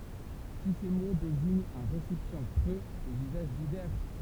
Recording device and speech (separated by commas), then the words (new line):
temple vibration pickup, read sentence
Tous ces mots désignent un récipient creux aux usages divers.